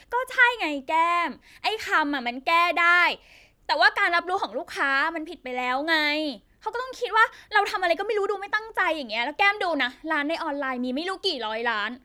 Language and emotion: Thai, angry